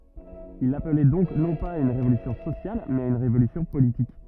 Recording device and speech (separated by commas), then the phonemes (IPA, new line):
rigid in-ear microphone, read sentence
il aplɛ dɔ̃k nɔ̃ paz a yn ʁevolysjɔ̃ sosjal mɛz a yn ʁevolysjɔ̃ politik